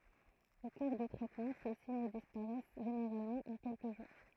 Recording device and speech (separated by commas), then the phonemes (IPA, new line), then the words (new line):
throat microphone, read sentence
o kuʁ dy tʁɛtmɑ̃ se siɲ dispaʁɛs ʒeneʁalmɑ̃ ɑ̃ kɛlkə ʒuʁ
Au cours du traitement, ces signes disparaissent généralement en quelques jours.